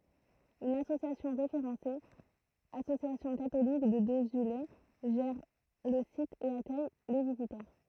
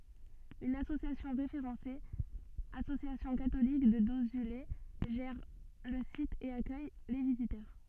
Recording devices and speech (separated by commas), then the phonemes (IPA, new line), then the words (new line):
throat microphone, soft in-ear microphone, read sentence
yn asosjasjɔ̃ ʁefeʁɑ̃se asosjasjɔ̃ katolik də dozyle ʒɛʁ lə sit e akœj le vizitœʁ
Une association référencée Association catholique de Dozulé gère le site et accueille les visiteurs.